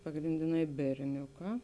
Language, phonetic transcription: Lithuanian, pagrindiˈnai berˈniuˌkā

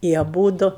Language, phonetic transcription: Lithuanian, i aˈbūdu

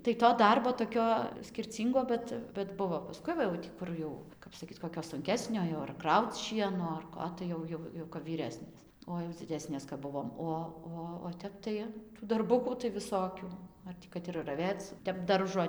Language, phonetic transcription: Lithuanian, tai to ˈdarbo toˈkio skirˈcyngo ˈbet bet ˈbuvo paˈskui ˈva jau ˈkur jau ˈkap saˈkyt koˈkio sunˈkesnio jo ar ˈkrauc ˈšieno ar ˈko tai ˈjau ˈjau jau kap vyˈresnės o jau dziˈdesnės kap ˈbuvom ˈo ˈo o ˈtep tai darˈbukų tai viˈsokių ˈar tį kad ir raˈvėc ˈtep ˈdaržo

